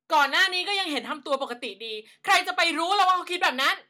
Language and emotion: Thai, angry